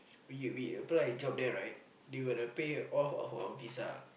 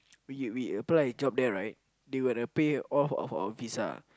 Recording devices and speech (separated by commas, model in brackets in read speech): boundary microphone, close-talking microphone, conversation in the same room